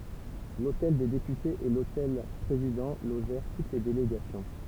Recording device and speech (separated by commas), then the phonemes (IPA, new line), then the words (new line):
temple vibration pickup, read sentence
lotɛl de depytez e lotɛl pʁezidɑ̃ loʒɛʁ tut le deleɡasjɔ̃
L'hôtel des Députés et l'hôtel Président logèrent toutes les délégations.